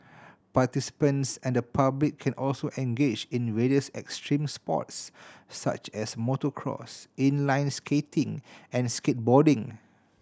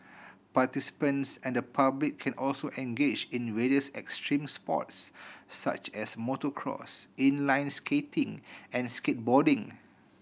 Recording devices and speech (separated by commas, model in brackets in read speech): standing microphone (AKG C214), boundary microphone (BM630), read sentence